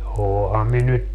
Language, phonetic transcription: Finnish, no , 'ooham mi nyt ,.
- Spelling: no olenhan minä nyt

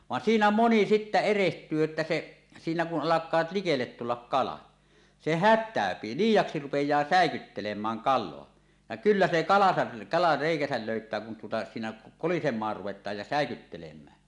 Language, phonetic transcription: Finnish, 'van 'siinä "moni sittä "ereht̀yy että 'se , siinä , 'kun 'ˀalak̀aat likellet tullak "kala , 'se "hät̆tä̀öpi , 'liij̆jaksi 'rupej̆jaa "sä̀ekyttelem̀ääŋ "kal̆loa , ja kyllä se 'kalasa , kala 'rèikäsäl 'löyt̀ää kun tuota , siinä , "kolisem̆maar 'ruvet̀aaj ja "sä̀ekyttelem̀ää .
- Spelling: vaan siinä moni sitten erehtyy että se siinä kun alkaa likelle tulla kala se hätääntyy liiaksi rupeaa säikyttelemään kalaa ja kyllä se kalansa kala reikänsä löytää kun tuota siinä kolisemaan ruvetaan ja säikyttelemään

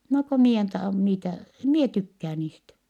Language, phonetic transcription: Finnish, » no ko mie en ta(ho) niitä , em mie tykkää niistä . »
- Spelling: no kun minä en tahdo niitä en minä tykkää niistä

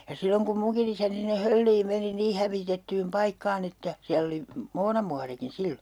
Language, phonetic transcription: Finnish, ja 'silloŋ kum 'muŋkin ‿isäni sinne 'Hölliim 'meni "nii hävitettyym 'paikkaan ‿että , 'siäll ‿oli , "moonamuarikin̬ 'sillo .
- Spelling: ja silloin kun minunkin isäni sinne Hölliin meni niin hävitettyyn paikkaan että siellä oli muonamuorikin silloin

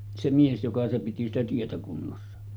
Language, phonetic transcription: Finnish, se 'mies joka piti 'sitä 'tietä kunnossa .
- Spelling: se mies joka piti sitä tietä kunnossa

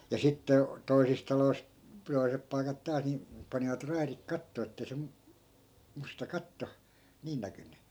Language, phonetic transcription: Finnish, ja 'sitte , 'toisis talois , 'toi̮sep pai̮kat 'taas ni , panivat 'rairik "kattoo ettei se 'mu- , 'musta 'katto , 'niin näkynny .
- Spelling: ja sitten toisissa taloissa toiset paikat taas niin panivat raidit kattoon että ei se - musta katto niin näkynyt

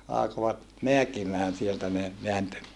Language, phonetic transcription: Finnish, alakovat , meäkimään sieltä ne , veäntö .
- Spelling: alkoivat määkimään sieltä ne vääntö

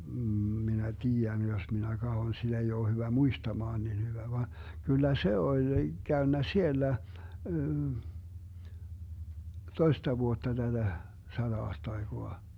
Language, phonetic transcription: Finnish, m̥ 'minä "tii₍än jos minä 'kahon siD ‿ei oo 'hyvä "muistamaan niin 'hyvä (vaan) , 'kyllä "se 'oĺ , 'Gäönnä "siellä , "toista 'vuotta 'täDä , 'saDa₍aastaiGoa .
- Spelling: - minä tiedän jos minä katson sitä ei ole hyvä muistamaan niin hyvä vaan kyllä se oli käynyt siellä toista vuotta tätä sata-aastaikaa

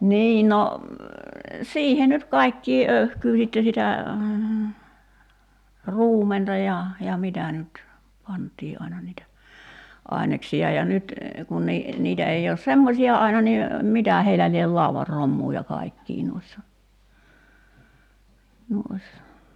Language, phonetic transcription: Finnish, 'nii no , 'siihe nyt "kai̬kkii '’öy̬hkyy sitte sitä , 'ruumenta ja , ja 'mitä nyt , 'pant̀ii ’aina niitä , 'ài̬neksi₍a ja 'nyt , kun ni- , 'niitä ei oos "semmosi₍a aina ni , 'mitä̀ heilä liel 'lauvar "rommuu ja 'kaikkii nuissa , nuissa .
- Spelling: niin no siihen nyt kaikkea öyhkyä sitten sitä ruumenta ja ja mitä nyt pantiin aina niitä aineksia ja nyt kun - niitä ei ole semmoisia aina niin mitä heillä lie laudan romua ja kaikkia noissa noissa

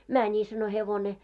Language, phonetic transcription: Finnish, » "mäni « sano » 'hevone « .
- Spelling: meni sanoi hevonen

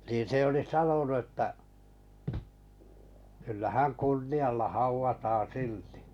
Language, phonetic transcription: Finnish, nin̬ 'se oli "sanonu ᵉttä , kyllä 'hän "kunni₍alla 'hauvataan̬ 'siltɪ .
- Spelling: niin se oli sanonut että kyllä hän kunnialla haudataan silti

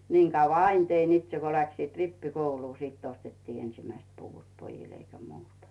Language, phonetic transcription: Finnish, 'niiŋ kauva "ain tein itse ko läksiit "rippi'kouluu , 'sitt ‿ostettii 'ensimäist puvut 'pojil eikä 'muuta .
- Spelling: niin kauan aina tein itse kun lähtivät rippikouluun sitten ostettiin ensimmäiset puvut pojille eikä muuta

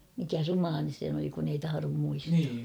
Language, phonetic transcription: Finnish, mikä "rumaanen̬ se (ny) oli kun ‿ei 'taharom muistaa ?
- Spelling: mikä rumainen se nyt oli kun ei tahdo muistaa

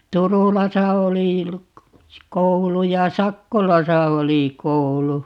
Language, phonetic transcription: Finnish, 'Turulasa oli , 'koulu ja "Sakkolasa 'oli 'koulu .
- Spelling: Turulassa oli koulu ja Sakkolassa oli koulu

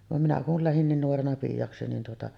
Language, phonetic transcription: Finnish, vam minä kul lähin 'niin 'nuorena "piijaksi nin tuota’ ,.
- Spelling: vaan minä kun lähdin niin nuorena piiaksi niin tuota

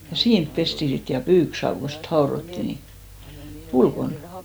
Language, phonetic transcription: Finnish, ja 'siinp pesti 'sit ja "pyyksaav ko sit 'haorotti ni , "ulkon .
- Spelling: ja siinä pestiin sitten ja pyykkisaavi kun sitten haudottiin niin ulkona

